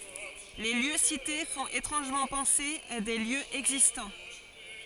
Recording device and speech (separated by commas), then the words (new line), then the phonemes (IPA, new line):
forehead accelerometer, read sentence
Les lieux cités font étrangement penser à des lieux existants.
le ljø site fɔ̃t etʁɑ̃ʒmɑ̃ pɑ̃se a de ljøz ɛɡzistɑ̃